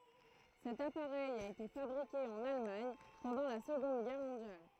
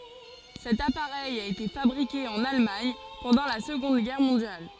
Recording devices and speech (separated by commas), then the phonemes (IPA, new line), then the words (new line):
throat microphone, forehead accelerometer, read sentence
sɛt apaʁɛj a ete fabʁike ɑ̃n almaɲ pɑ̃dɑ̃ la səɡɔ̃d ɡɛʁ mɔ̃djal
Cet appareil a été fabriqué en Allemagne pendant la Seconde Guerre mondiale.